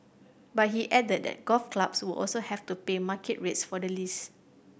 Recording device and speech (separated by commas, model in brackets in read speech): boundary microphone (BM630), read sentence